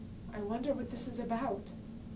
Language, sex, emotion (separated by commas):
English, female, fearful